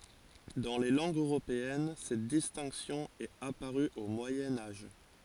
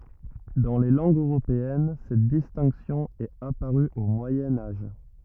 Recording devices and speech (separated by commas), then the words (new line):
forehead accelerometer, rigid in-ear microphone, read sentence
Dans les langues européennes, cette distinction est apparue au Moyen Âge.